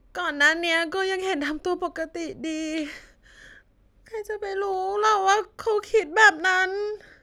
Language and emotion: Thai, sad